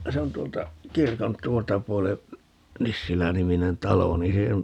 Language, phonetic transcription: Finnish, 'se on 't̀uolta , "kirkon "t̀uolta 'puole , "Nissiläniminen 'talo nii se , .
- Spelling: se on tuolta kirkon tuolta puolen Nissilä-niminen talo niin se

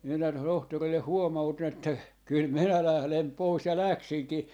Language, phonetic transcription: Finnish, minä 'tohtorille 'huoma₍utin että , » 'kyl "minä 'lählem 'pois » ja 'läksiŋki .
- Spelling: minä tohtorille huomautin että kyllä minä lähden pois ja läksinkin

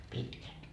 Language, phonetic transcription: Finnish, » 'pitkän . »
- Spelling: pitkän

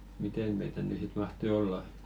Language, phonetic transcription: Finnish, "miten̳§ 'meitä ny sit 'mahtoⁱ "olla ?
- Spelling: miten meitä nyt sitten mahtoi olla

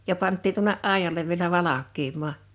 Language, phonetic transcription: Finnish, ja 'panttiin tuᵒne’ "’àijalev vielä "valak̆kiim̀aa .
- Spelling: ja pantiin tuonne aidalle vielä valkenemaan

